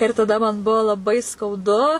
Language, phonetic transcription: Lithuanian, ir taˈda man ˈbuvo laˈbai skauˈdu

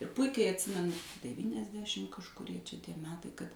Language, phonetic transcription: Lithuanian, ir ˈpuikiai atˈsimenu devyniasˈdešim kažkuˈrie čia ˈtie ˈmetai kad

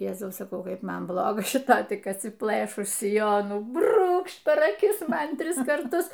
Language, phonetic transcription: Lithuanian, ˈjezau saˈkau ˈkaip ˈman ˈbloga šiˈta tik atsiˈplɘšus siˈjonų ˈbrūkšt per aˈkis ˈman ˈtris karˈtus

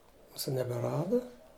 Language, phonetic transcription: Lithuanian, ˈmūsu nebeˈrada

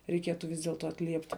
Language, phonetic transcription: Lithuanian, reiˈkietu vis dėlˈto atˈliepti

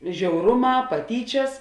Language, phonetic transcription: Lithuanian, žiauˈruˌmā paˈtyčias

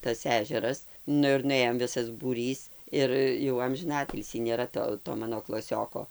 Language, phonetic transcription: Lithuanian, tas ˈežeras ˈnu ir nuˈėjom ˈvisas būˈrys ˈir jau amžiˈnatilsį nėˈra to to ˈmano klaˈsioko

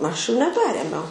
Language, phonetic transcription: Lithuanian, ˈaš jų neˈperėmiau

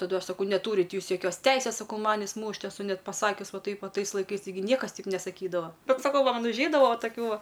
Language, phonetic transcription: Lithuanian, taˈdu ˈaš saˈkau neˈtūrit' ˈjūs joˈkios ˈteisės ˈsakau ˈmanis ˈmūšt' eˈsu ˈnet paˈsakius ˈva ˈtaip va ˈtais laiˈkais taiˈgi ˈniekas ˈteip nesaˈkydava ˈbet saˈkau va ˈman užˈeidava va taˈkių ˈva

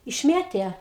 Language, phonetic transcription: Lithuanian, išˈmėtė

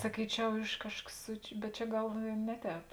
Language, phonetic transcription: Lithuanian, saˈkyčiau ˈiš ˈkažkas su bet ˈčia ˈgal i ˈne ˌtēp

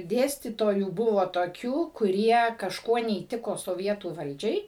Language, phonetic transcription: Lithuanian, ˈdėstytojų ˈbuvo toˈkių kuˈrie kažˈkuo neįˈtiko soˈvietų ˈvaldžiai

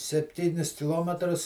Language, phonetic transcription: Lithuanian, sepˈtynis kiˈlometrus

